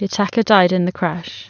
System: none